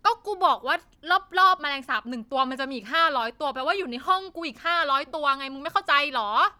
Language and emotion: Thai, angry